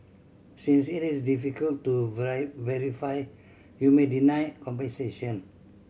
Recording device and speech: mobile phone (Samsung C7100), read sentence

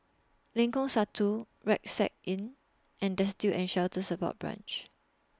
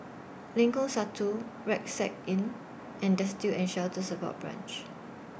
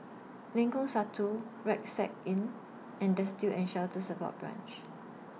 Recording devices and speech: standing microphone (AKG C214), boundary microphone (BM630), mobile phone (iPhone 6), read sentence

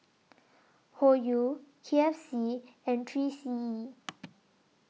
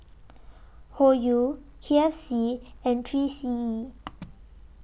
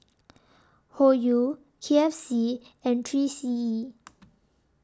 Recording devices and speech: mobile phone (iPhone 6), boundary microphone (BM630), standing microphone (AKG C214), read sentence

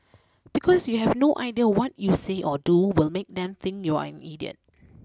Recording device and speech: close-talking microphone (WH20), read sentence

